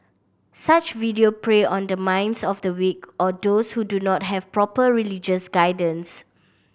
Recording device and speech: boundary microphone (BM630), read sentence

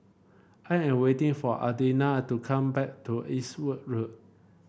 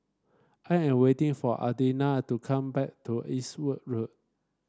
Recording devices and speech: boundary microphone (BM630), standing microphone (AKG C214), read sentence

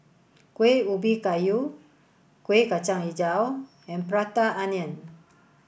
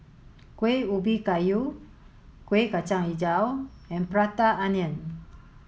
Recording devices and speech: boundary microphone (BM630), mobile phone (Samsung S8), read sentence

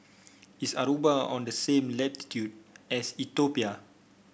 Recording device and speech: boundary microphone (BM630), read sentence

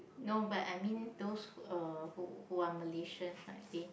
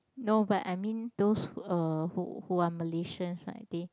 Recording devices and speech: boundary microphone, close-talking microphone, conversation in the same room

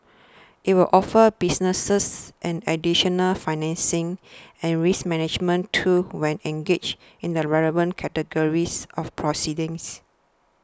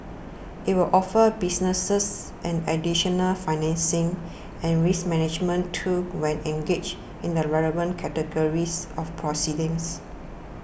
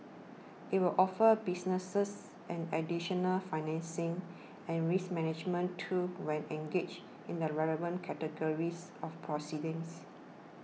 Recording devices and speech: standing microphone (AKG C214), boundary microphone (BM630), mobile phone (iPhone 6), read sentence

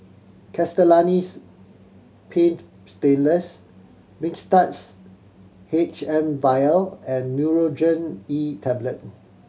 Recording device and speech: mobile phone (Samsung C7100), read sentence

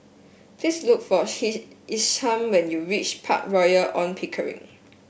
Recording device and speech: boundary microphone (BM630), read sentence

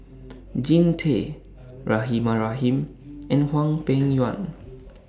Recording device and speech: standing microphone (AKG C214), read sentence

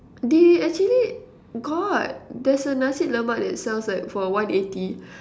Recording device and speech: standing microphone, conversation in separate rooms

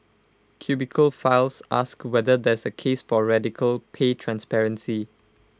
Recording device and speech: close-talking microphone (WH20), read sentence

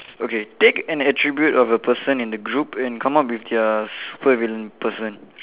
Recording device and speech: telephone, conversation in separate rooms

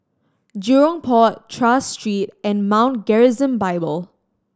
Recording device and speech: standing microphone (AKG C214), read sentence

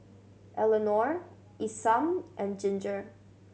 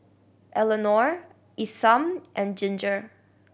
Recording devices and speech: mobile phone (Samsung C7100), boundary microphone (BM630), read sentence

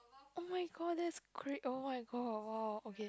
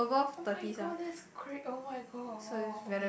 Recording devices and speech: close-talking microphone, boundary microphone, conversation in the same room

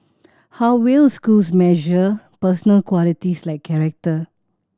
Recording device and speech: standing microphone (AKG C214), read sentence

